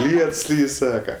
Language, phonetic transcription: Lithuanian, ˈliets ˈlyj ˈsaka

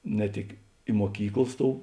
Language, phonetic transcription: Lithuanian, ne ˈtik i muoˈkyklas ˈtou

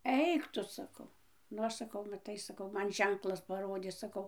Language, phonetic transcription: Lithuanian, ˈeik tu saˈkau nu ˈaš saˈkau maˈtai saˈkau ˈman ˈženklas paˈrodė saˈkau

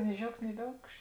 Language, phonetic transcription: Lithuanian, ni ˈžiaugt ni ˈviaukš

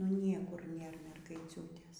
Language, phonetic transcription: Lithuanian, nu ˈniekur ˈnėr mergaiˈciūtės

